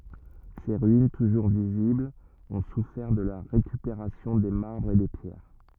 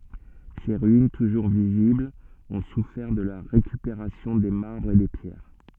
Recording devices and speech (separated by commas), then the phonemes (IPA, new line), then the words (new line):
rigid in-ear microphone, soft in-ear microphone, read sentence
se ʁyin tuʒuʁ viziblz ɔ̃ sufɛʁ də la ʁekypeʁasjɔ̃ de maʁbʁz e de pjɛʁ
Ses ruines, toujours visibles, ont souffert de la récupération des marbres et des pierres.